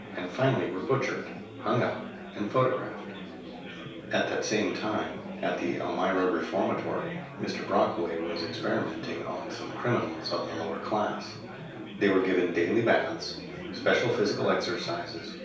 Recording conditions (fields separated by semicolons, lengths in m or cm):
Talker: one person; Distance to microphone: 3.0 m; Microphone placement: far; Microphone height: 1.8 m; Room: small (3.7 m by 2.7 m); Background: babble